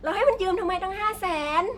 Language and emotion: Thai, angry